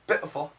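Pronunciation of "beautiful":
'Beautiful' is said with a glottal stop.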